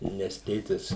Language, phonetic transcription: Lithuanian, nes ˈtėtis

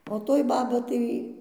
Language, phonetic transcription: Lithuanian, o ˈtoj ˈbaba tai

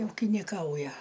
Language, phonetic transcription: Lithuanian, ūkiniˈkauja

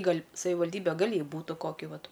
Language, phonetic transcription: Lithuanian, ˈgal' savivalˈdybe ˈgal' ˈjai ˈbūta ˈkoki ˈvat

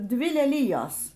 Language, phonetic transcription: Lithuanian, ˈdvi leˈlijos

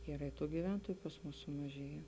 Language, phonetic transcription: Lithuanian, ˈyra i ˈtų gyˈventoju pas ˈmus sumaˈžėje

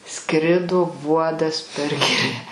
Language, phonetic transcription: Lithuanian, ˈskrido ˈvuodas per ˈgirią

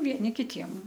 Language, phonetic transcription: Lithuanian, vieˈni kiˈtiem

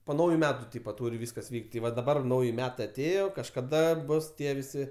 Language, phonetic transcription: Lithuanian, po ˈnauju ˈmetu ˈtypa ˈtūr' ˈvyskas ˈvyk't' ti ˈva daˈbar ˈnauji ˈmetai aˈtėjo kažkaˈda ˈbus ˈtie viˈsi

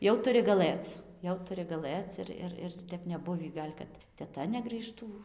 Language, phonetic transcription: Lithuanian, ˈjau tuˈri gaˈlɘc ˈjau tuˈri gaˈlɘc ir ˈir ˈir ir ˈtep neˈbuvį ˈgal' kad teˈta negrįˈžtų

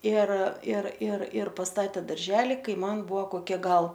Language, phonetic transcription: Lithuanian, ir ir ir ir pasˈtatė darˈželi ˈkai ˈman ˈbuvo koˈkie ˈgal

